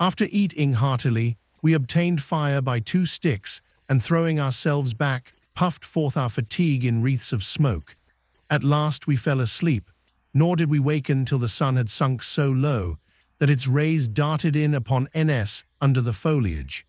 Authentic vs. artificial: artificial